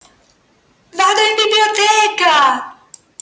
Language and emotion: Italian, happy